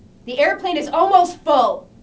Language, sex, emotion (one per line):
English
female
angry